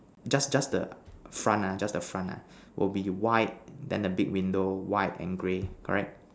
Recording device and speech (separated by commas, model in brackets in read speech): standing microphone, conversation in separate rooms